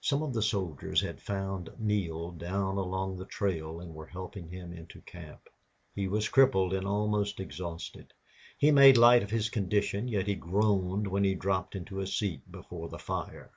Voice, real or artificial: real